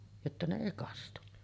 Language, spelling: Finnish, jotta ne ei kastui
- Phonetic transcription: jotta ne 'èi 'kastu .

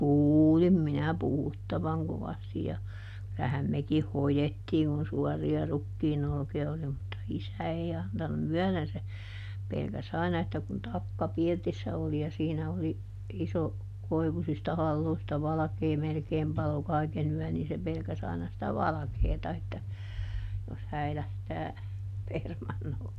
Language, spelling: Finnish, kuulin minä puhuttavan kovasti ja kyllähän mekin hoettiin kun suorilla rukiin olkia oli mutta isä ei antanut myöden se pelkäsi aina että kun takka pirtissä oli ja siinä oli iso koivuisista haloista valkea melkein paloi kaiken yön niin se pelkäsi aina sitä valkeata että jos häilähtää permannolle
- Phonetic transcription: "kuuulim minä ˈpuhuttavaŋ ˈkovasti ja , ˈkylähäm ˈmekih "hojettiiŋ kun̬ ˈsuɔri₍a ˈrukkiin ‿olki₍a oli mutta "isä ei antunu "myɔ̈̀δen se , ˈpelkäˈs ‿aina että kun ˈtakka ˈpirtissä oli ja ˈsiinä oli , ˈiso , ˈkoivusista ˈhalloista "valᵃkee ˈmelkeem palo ˈkàikeˈn ‿yɔ̈̀n nii se ˈpelkäs aina sⁱtä "valᵃkeeta että , jos ˈhäilähtää , ˈpermannolle .

